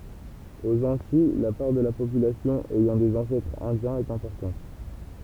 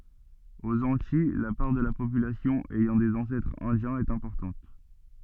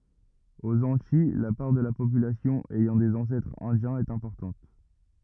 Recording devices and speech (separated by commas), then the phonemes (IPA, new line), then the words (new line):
temple vibration pickup, soft in-ear microphone, rigid in-ear microphone, read sentence
oz ɑ̃tij la paʁ də la popylasjɔ̃ ɛjɑ̃ dez ɑ̃sɛtʁz ɛ̃djɛ̃z ɛt ɛ̃pɔʁtɑ̃t
Aux Antilles, la part de la population ayant des ancêtres indiens est importante.